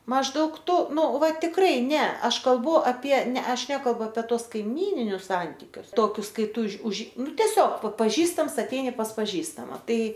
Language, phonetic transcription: Lithuanian, mažˈdaug ˈtu ˈnu ˈva tikˈrai ˈne ˈaš kalˈbu apie ˈne ˈaš ˈnekalbu ape ˈtuos kaiˈmyninius ˈsantikius ˈtokius ˈkai ˈtū ūž už ˈnu teˈsiog pa paˈžįstams aˈteini pas paˈžįstama ˈtai

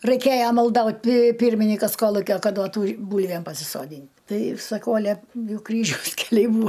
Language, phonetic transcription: Lithuanian, raiˈkėja malˈdaut' pi ˈpyrminikas ˈkolukio ˈkad ˈduotų ˈbūlvėm pasisoˈdyn' ˈtai saˈkau aˈle ˈjau ˈkryžiaus keˈliai ˈbūa

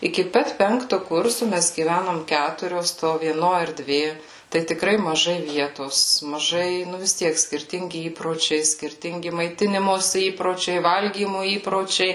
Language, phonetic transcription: Lithuanian, iki ˈpat ˈpenktu ˈkursu ˈmes gyˈvænom ˈkæturios to vieˈno erˈdvė tai tikˈrai maˈžai ˈvietos maˈžai ˈnu vis ˈtiek skirˈtingi ˈįpročiai skirˈtingi maiˈtinimosi ˈįpročiai ˈvalgymu ˈįpročiai

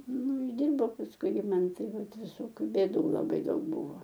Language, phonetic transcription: Lithuanian, ˈnu užˈdirbau pasˈkui ir ˈman ˈtai ˈvat viˈsokiu bėˈdų laˈbai ˈdaug ˈbuvo

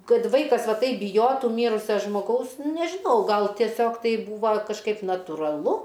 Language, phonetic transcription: Lithuanian, ˈkad ˈvaikas ˈva ˈtaip biˈjotu ˈmyrusia žmoˈgaus nežiˈnau ˈgal tieˈsiog ˈtai ˈbūva kažˈkaip natūraˈlu

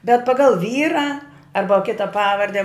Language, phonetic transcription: Lithuanian, bet paˈgal ˈvyra ˈarba ˈkita ˈpavarde

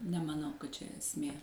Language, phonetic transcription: Lithuanian, nemaˈnau kad čia esˈmė

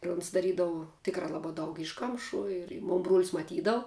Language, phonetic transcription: Lithuanian, ir uns daˈrydavu ˈtikrā ˈlabā ˈdaug ˈišˌkamšų ir i ˈmon bruol's' maˈtydavu

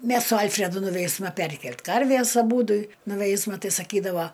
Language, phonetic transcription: Lithuanian, ˈmes su ˈalfredu nuˈveisma ˈperkelt' ˈkarvės aˈbūdu nuˈveisma ˈtai saˈkydava

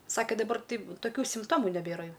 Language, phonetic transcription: Lithuanian, ˈsakė daˈbar ˈtaip toˈkių simpˈtomu neˈbėra ˈjau

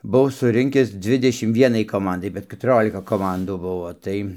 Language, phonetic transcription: Lithuanian, buˈvau suˈrinkis ˈdzvidešim ˈvienai koˈmandai bet ketuˈriolika koˈmandų ˈbuvo ˈtai

